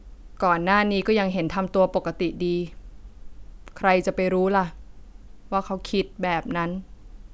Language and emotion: Thai, frustrated